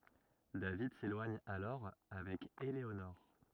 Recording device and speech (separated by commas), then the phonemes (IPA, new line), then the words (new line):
rigid in-ear microphone, read sentence
david selwaɲ alɔʁ avɛk eleonɔʁ
David s'éloigne alors avec Eléonore.